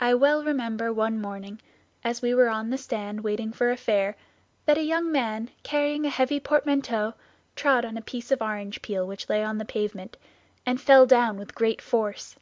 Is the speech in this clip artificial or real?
real